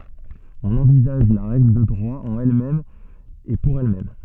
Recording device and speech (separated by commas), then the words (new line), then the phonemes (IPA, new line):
soft in-ear microphone, read sentence
On envisage la règle de droit en elle-même et pour elle-même.
ɔ̃n ɑ̃vizaʒ la ʁɛɡl də dʁwa ɑ̃n ɛl mɛm e puʁ ɛl mɛm